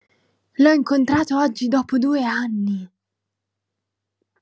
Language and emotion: Italian, surprised